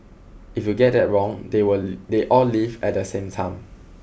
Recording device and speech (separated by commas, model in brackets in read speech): boundary microphone (BM630), read sentence